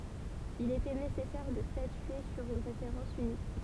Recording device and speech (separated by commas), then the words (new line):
temple vibration pickup, read sentence
Il était nécessaire de statuer sur une référence unique.